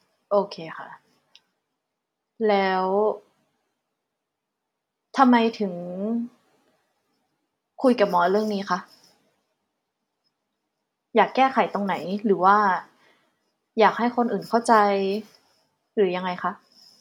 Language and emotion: Thai, neutral